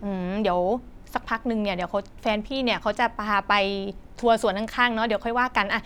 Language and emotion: Thai, neutral